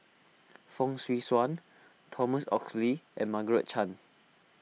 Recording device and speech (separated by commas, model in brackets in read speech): mobile phone (iPhone 6), read sentence